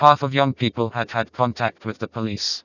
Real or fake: fake